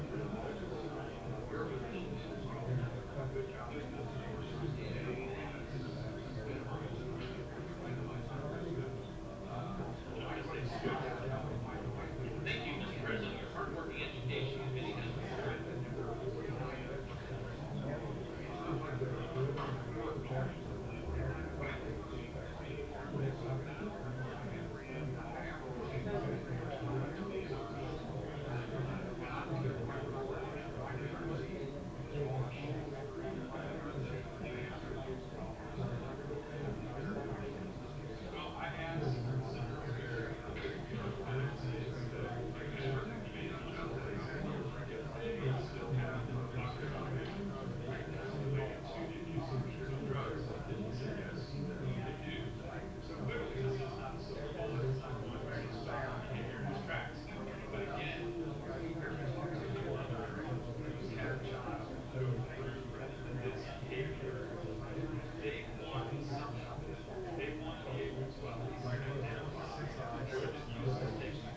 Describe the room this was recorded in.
A medium-sized room (about 5.7 m by 4.0 m).